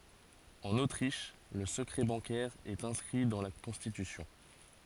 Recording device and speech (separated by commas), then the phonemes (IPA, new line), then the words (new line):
forehead accelerometer, read sentence
ɑ̃n otʁiʃ lə səkʁɛ bɑ̃kɛʁ ɛt ɛ̃skʁi dɑ̃ la kɔ̃stitysjɔ̃
En Autriche, le secret bancaire est inscrit dans la constitution.